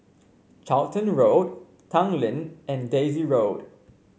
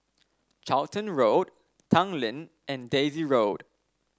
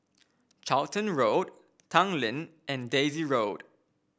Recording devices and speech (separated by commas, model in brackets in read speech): mobile phone (Samsung C5), standing microphone (AKG C214), boundary microphone (BM630), read sentence